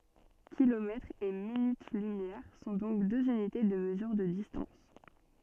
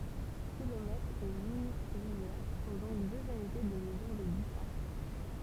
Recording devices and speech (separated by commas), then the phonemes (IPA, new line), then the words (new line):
soft in-ear microphone, temple vibration pickup, read sentence
kilomɛtʁz e minyt lymjɛʁ sɔ̃ dɔ̃k døz ynite də məzyʁ də distɑ̃s
Kilomètres et minutes-lumière sont donc deux unités de mesure de distance.